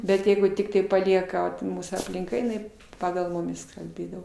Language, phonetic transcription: Lithuanian, bet ˈjeigu ˈtiktai paˈlieka pu ˈmūsų aplinˈka jiˈnai ˈpagal ˈmumis kalˈbėdavo

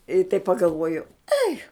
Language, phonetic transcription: Lithuanian, i taip pagalˈvuoju ˈai

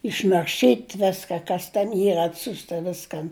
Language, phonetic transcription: Lithuanian, išnarˈšyt' ˈveska kas ten ˈyr atˈsiusta ˈviskan

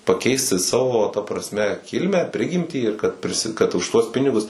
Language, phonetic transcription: Lithuanian, paˈkeisti ˈsavo ta prasˈme ˈkilmę ˈprigimtį ir kad priˈsi kad už ˈtuos ˈpinigus

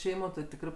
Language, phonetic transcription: Lithuanian, ˈšeimo ti ˈtikrɜ

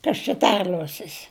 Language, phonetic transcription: Lithuanian, ˈkas čia ˈterliuosis

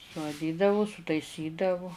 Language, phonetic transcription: Lithuanian, suaˈdydavu sutaiˈsydavu

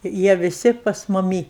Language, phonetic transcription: Lithuanian, ir ˈjie viˈsi pas muˈmy

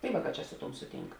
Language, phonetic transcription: Lithuanian, tai ˈvāˌkā čia ˈsu ˌtuom ˈsuˌtynk

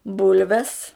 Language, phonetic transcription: Lithuanian, ˈbulves

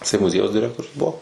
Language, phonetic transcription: Lithuanian, jiˈsai muˈziejaus diˈrektorius ˈbuo

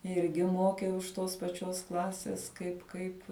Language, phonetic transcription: Lithuanian, ˈirgi ˈmokiau iš ˈtos paˈčios ˈklasės ˈkaip ˈkaip

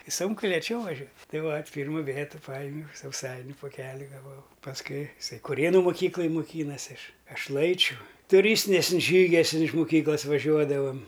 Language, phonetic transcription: Lithuanian, i ˈsunku lėˈčiau vaˈžiuo ˈtai vat' ˈpyrmu ˈvėtu ˈpajimiau sauˈsainiu poˈkeli gaˈvau pasˈkui iˈsai kuˈrėnu moˈkyklaj moˈkynasi ˈaš ˈaš ˈlaičiu tuˈrystiniasən ˈžygiasən ˈten iš muˈkyklas vaˈžiuodavam

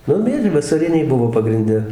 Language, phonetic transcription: Lithuanian, ˈnu ˈmiežiai vasaˈriniai ˈbuvo pagrinˈde

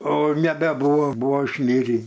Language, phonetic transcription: Lithuanian, o nebeˈbūvo ˈbuvo išˈmirį

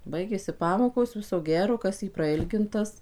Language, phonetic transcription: Lithuanian, ˈbaigėsi ˈpamokos ˈviso ˈgero ˈkas į praˈilgintas

